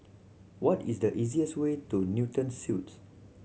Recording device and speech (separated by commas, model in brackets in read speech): mobile phone (Samsung C7100), read sentence